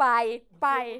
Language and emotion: Thai, happy